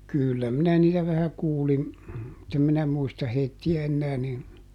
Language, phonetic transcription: Finnish, ˈkỳllä minä niitä vähä ˈkuulin , mutt ‿em minä ˈmuista heitti₍ä ˈennää nin ,.
- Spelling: kyllä minä niitä vähän kuulin mutta en minä muista heitä enää niin

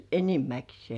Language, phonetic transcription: Finnish, enimäksĭè .
- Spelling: enimmäkseen

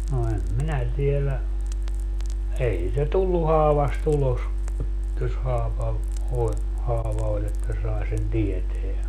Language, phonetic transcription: Finnish, no 'em "minä tielä , 'ei siitä "tullu 'haavas't ‿ulos , jos 'haava , oĺ , 'haava oĺ ‿että 'sae sen "tieteä .
- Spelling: no en minä tiedä ei sitä tullut haavasta ulos jos haava oli haava oli että sai sen tietää

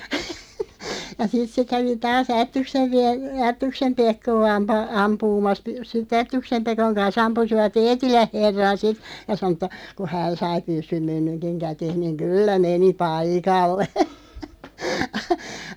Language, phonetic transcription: Finnish, ja 'sit se 'kävi 'taas 'Ättyksev (viä-) , "Ättyksem 'Pekkoo 'ampaa- 'ampuumas , sit"ᵗ ‿Ättyksem 'Pekoŋ kan's ‿ampusiva"t ‿Eetiläʰ 'herran̬ 'sit , ja 'sano ‿t̆ta , ku "hään 'sai 'pyssym 'käteeʰ niŋ "kyllä 'meni "paikalle .
- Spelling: ja sitten se kävi taas Ättyksen - Ättyksen Pekkoa - ampumassa sitten Ättyksen Pekon kanssa ampuivat Eetilän herran sitten ja sanoi että kun hän sai pyssyn käteensä niin kyllä meni paikalle

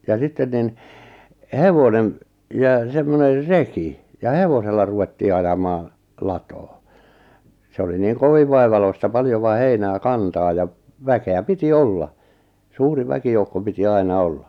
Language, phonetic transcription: Finnish, ja 'sitten nin , "hevonem , ja 'semmoner "reki , ja "hevosella ruvettii 'ajamaa , "latoo , se oli niiŋ "koviv vaivaloista 'paljova 'heinää 'kantaa ja , 'väke₍ä "piti 'olla , 'suuri 'väkijoukko piti 'aina "olla .
- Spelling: ja sitten niin hevonen ja semmoinen reki ja hevosella ruvettiin ajamaan latoon se oli niin kovin vaivalloista paljon heinää kantaa ja väkeä piti olla suuri väkijoukko piti aina olla

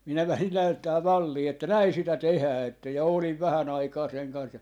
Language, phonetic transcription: Finnish, 'minä lähin näyttää "mallii että 'näi sitä "tehää että ja 'oliv "vähä'n ‿aikaa seŋ kans ja ,.
- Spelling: minä lähdin näyttämään mallia että näin sitä tehdään että ja olin vähän aikaa sen kanssa ja

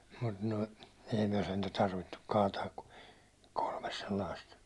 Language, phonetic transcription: Finnish, mut noi , ei myä sentä 'tarvittuk 'kaataak ku , kolmes sellaist , tollaist 'koivu₍a .
- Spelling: mutta nuo ei me sentään tarvittu kaataa kuin kolme sellaista tuollaista koivua

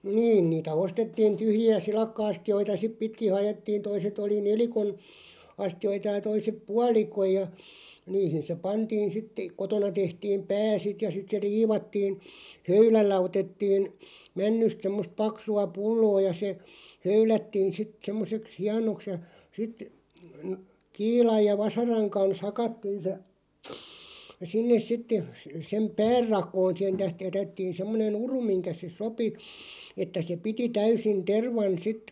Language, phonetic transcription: Finnish, 'niin niitä "ostettiin 'tyhji₍ä "silakkᵃ₍'asti₍oita 'sip pitki 'hajettiin̬ 'toiset ‿oli "nelikon , 'asti₍oita ja 'toisep "pualikoj ja , "niihin se 'pantiin sitteˀ§ "kotona 'tehtiim "pää 'sit ja 'sit se "riivattiin̬ , "höylällä 'otettiin , 'männyst semmost 'paksu₍a "pulloo ja se , 'höylättiin̬ sit 'semmoseks "hianoks ja sit , (nə-) 'kiilaj ja 'vasaraŋ kans "hakattiin̬ se , 'sinnes sitte se- sem "päär 'rak̀oon (siihen tä-) 'jätettiin̬ 'semmone"n ‿uru 'miŋkä se "sopi , että se "piti 'täysin 'tervan 'sit ,.
- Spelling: niin niitä ostettiin tyhjiä silakka-astioita sitten pitkin haettiin toiset oli nelikon astioita ja toiset puoli ja niihin se pantiin sitten kotona tehtiin pää sitten ja sitten se riivattiin höylällä otettiin männystä semmoista paksua pulloa ja se höylättiin sitten semmoiseksi hienoksi ja sitten - kiilan ja vasaran kanssa hakattiin se sinne sitten - sen pään rakoon siihen - jätettiin semmoinen uru minkä se sopi että se piti täysin tervan sitten

